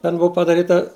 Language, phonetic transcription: Lithuanian, ten ˈbuo padaˈryta

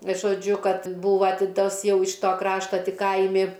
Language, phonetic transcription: Lithuanian, žoˈdžiu ˈkad ˈbūva ˈti ˈtas ˈjau iš ˈto ˈkrašta ˈti ˈkaimi

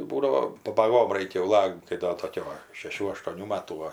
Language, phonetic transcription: Lithuanian, ˈbūdavo pabaˈgom ˈraikia jau ˈlakt kai ˈdo ˈtokiu va šeˈšių aštuoˈnių ˈmatų ˈva

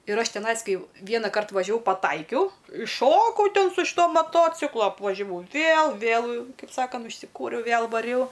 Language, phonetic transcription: Lithuanian, ir ˈaš teˈnais ˈkai ˈvienakart važiaˈvau paˈtaikiau išˈšokau ˈten su iš ˈto maˈtociklo apvažiaˈvau ˈvėl vėl ˈkaip ˈsakant užsiˈkūriau ˈvėl vaˈriau

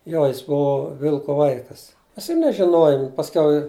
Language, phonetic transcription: Lithuanian, ˈjo jis ˈbuo ˈvilko ˈvaikas ˈmes ir nežiˈnojom pasˈkiau

